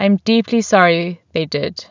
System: none